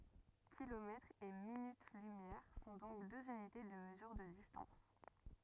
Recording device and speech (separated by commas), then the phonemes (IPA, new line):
rigid in-ear microphone, read sentence
kilomɛtʁz e minyt lymjɛʁ sɔ̃ dɔ̃k døz ynite də məzyʁ də distɑ̃s